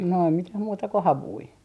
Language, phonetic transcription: Finnish, no ei 'mitäh 'muuta ko "havui .
- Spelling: no ei mitään muuta kuin havuja

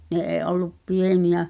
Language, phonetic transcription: Finnish, ne ’ee '’ollup "pieni₍ä ,.
- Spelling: ne ei ollut pieniä

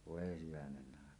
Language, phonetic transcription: Finnish, voe 'hyvänen’ⁿ ‿àeka .
- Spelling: voi hyvänen aika

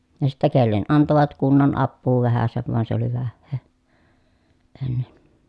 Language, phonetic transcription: Finnish, ja sittä kellen antovat kunnan appuu vähäsev van se oli vähhee , ennen .
- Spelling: ja sitten kenelle antoivat kunnan apua vähäsen vaan se oli vähää ennen

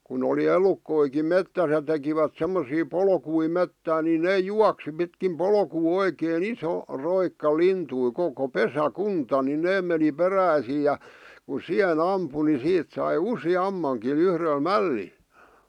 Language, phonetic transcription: Finnish, kun ‿oli "elukkoikim 'mettäs ja 'tekivät semmosii 'polkui 'mettään ni 'ne "juaksi pitkim 'polkuu 'oikee"n ‿iso , roikka 'lintui 'koko "pesä'kunta ni 'nee meni "peräisii ja , ku "siʰe'n ‿ampu ni 'siit sai "usi'ammaŋki 'yhrel "mälli(l) .
- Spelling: kun oli elukoitakin metsässä ja tekivät semmoisia polkuja metsään niin ne juoksi pitkin polkua oikein iso roikka lintuja koko pesäkunta niin ne meni peräisin ja kun siihen ampui niin siitä sai useammankin yhdellä mällillä

